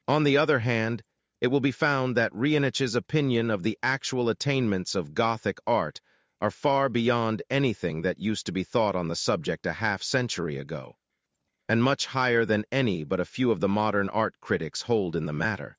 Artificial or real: artificial